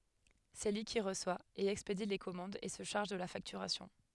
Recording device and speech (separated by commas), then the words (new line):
headset microphone, read sentence
C'est lui qui reçoit et expédie les commandes et se charge de la facturation.